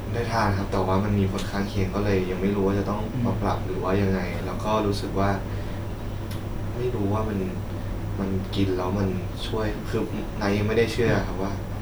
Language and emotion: Thai, frustrated